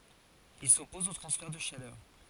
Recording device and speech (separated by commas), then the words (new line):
forehead accelerometer, read sentence
Il s'oppose aux transferts de chaleur.